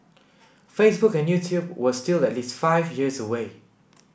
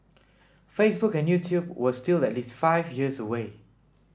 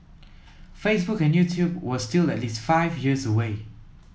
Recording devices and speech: boundary microphone (BM630), standing microphone (AKG C214), mobile phone (iPhone 7), read sentence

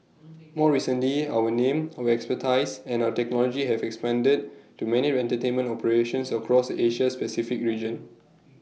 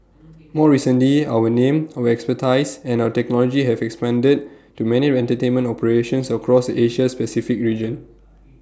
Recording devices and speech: mobile phone (iPhone 6), standing microphone (AKG C214), read sentence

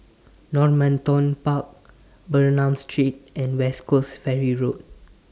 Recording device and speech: standing microphone (AKG C214), read sentence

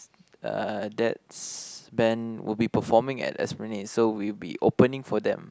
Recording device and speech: close-talking microphone, conversation in the same room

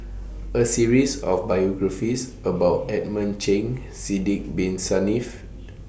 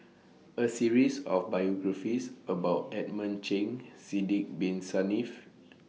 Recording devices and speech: boundary microphone (BM630), mobile phone (iPhone 6), read sentence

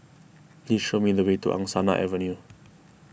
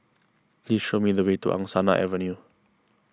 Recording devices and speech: boundary microphone (BM630), close-talking microphone (WH20), read sentence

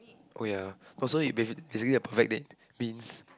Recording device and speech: close-talking microphone, conversation in the same room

